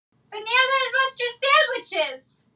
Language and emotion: English, happy